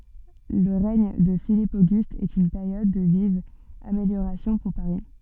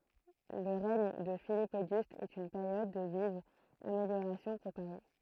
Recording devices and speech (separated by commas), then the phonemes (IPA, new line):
soft in-ear microphone, throat microphone, read sentence
lə ʁɛɲ də filip oɡyst ɛt yn peʁjɔd də vivz ameljoʁasjɔ̃ puʁ paʁi